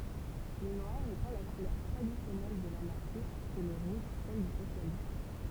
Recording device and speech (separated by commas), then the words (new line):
temple vibration pickup, read sentence
Le noir étant la couleur traditionnelle de l'Anarchisme et le rouge celle du Socialisme.